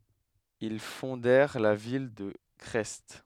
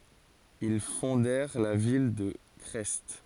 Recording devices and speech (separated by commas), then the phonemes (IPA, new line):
headset microphone, forehead accelerometer, read sentence
il fɔ̃dɛʁ la vil də kʁɛst